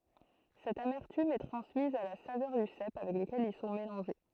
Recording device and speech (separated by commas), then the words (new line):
throat microphone, read sentence
Cette amertume est transmise à la saveur du cèpe avec lequel ils sont mélangés.